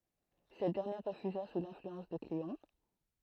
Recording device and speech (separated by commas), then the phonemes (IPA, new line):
throat microphone, read sentence
sɛt dɛʁnjɛʁ ʁəfyza su lɛ̃flyɑ̃s də kleɔ̃